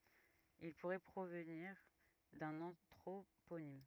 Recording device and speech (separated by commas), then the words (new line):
rigid in-ear microphone, read sentence
Il pourrait provenir d'un anthroponyme.